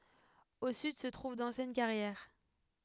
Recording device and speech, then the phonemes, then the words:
headset microphone, read sentence
o syd sə tʁuv dɑ̃sjɛn kaʁjɛʁ
Au sud se trouve d'anciennes carrières.

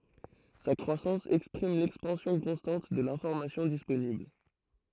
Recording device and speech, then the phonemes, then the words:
throat microphone, read sentence
sa kʁwasɑ̃s ɛkspʁim lɛkspɑ̃sjɔ̃ kɔ̃stɑ̃t də lɛ̃fɔʁmasjɔ̃ disponibl
Sa croissance exprime l'expansion constante de l'information disponible.

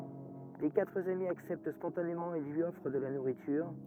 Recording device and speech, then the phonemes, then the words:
rigid in-ear microphone, read sentence
le katʁ ami aksɛpt spɔ̃tanemɑ̃ e lyi ɔfʁ də la nuʁityʁ
Les quatre amis acceptent spontanément et lui offrent de la nourriture.

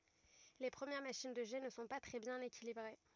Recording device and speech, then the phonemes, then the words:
rigid in-ear microphone, read sentence
le pʁəmjɛʁ maʃin də ʒɛ nə sɔ̃ pa tʁɛ bjɛ̃n ekilibʁe
Les premières machines de jet ne sont pas très bien équilibrées.

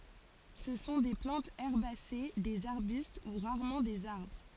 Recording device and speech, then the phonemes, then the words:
forehead accelerometer, read sentence
sə sɔ̃ de plɑ̃tz ɛʁbase dez aʁbyst u ʁaʁmɑ̃ dez aʁbʁ
Ce sont des plantes herbacées, des arbustes ou rarement des arbres.

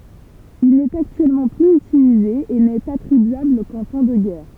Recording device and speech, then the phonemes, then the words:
temple vibration pickup, read sentence
il nɛt aktyɛlmɑ̃ plyz ytilize e nɛt atʁibyabl kɑ̃ tɑ̃ də ɡɛʁ
Il n'est actuellement plus utilisé, et n'est attribuable qu'en temps de guerre.

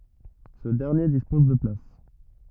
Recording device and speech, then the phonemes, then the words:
rigid in-ear microphone, read sentence
sə dɛʁnje dispɔz də plas
Ce dernier dispose de places.

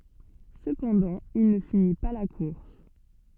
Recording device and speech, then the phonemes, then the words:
soft in-ear microphone, read sentence
səpɑ̃dɑ̃ il nə fini pa la kuʁs
Cependant, il ne finit pas la course.

